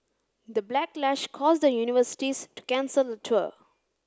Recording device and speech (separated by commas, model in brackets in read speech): close-talking microphone (WH30), read sentence